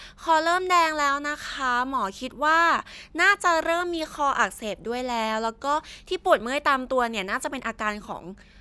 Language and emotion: Thai, happy